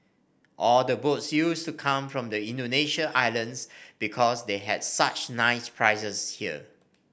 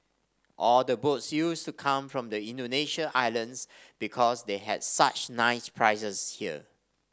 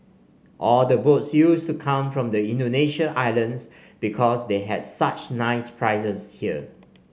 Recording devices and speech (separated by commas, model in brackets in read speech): boundary microphone (BM630), standing microphone (AKG C214), mobile phone (Samsung C5), read sentence